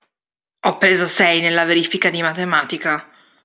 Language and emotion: Italian, angry